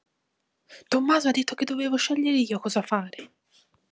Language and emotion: Italian, angry